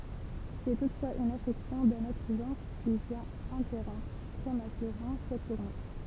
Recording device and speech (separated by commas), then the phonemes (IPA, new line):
temple vibration pickup, read sentence
sɛ tutfwaz yn afɛksjɔ̃ dœ̃n otʁ ʒɑ̃ʁ ki vjɛ̃t ɛ̃tɛʁɔ̃pʁ pʁematyʁemɑ̃ sɛt tuʁne